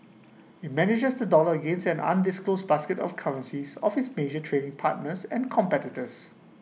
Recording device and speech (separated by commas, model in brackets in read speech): mobile phone (iPhone 6), read sentence